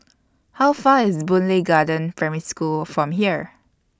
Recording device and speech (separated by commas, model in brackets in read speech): standing microphone (AKG C214), read sentence